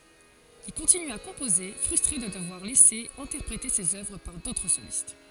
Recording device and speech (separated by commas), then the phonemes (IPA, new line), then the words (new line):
forehead accelerometer, read sentence
il kɔ̃tiny a kɔ̃poze fʁystʁe də dəvwaʁ lɛse ɛ̃tɛʁpʁete sez œvʁ paʁ dotʁ solist
Il continue à composer, frustré de devoir laisser interpréter ses œuvres par d'autres solistes.